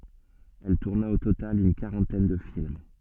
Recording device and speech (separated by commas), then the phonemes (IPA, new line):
soft in-ear microphone, read sentence
ɛl tuʁna o total yn kaʁɑ̃tɛn də film